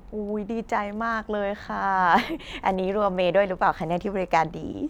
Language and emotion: Thai, happy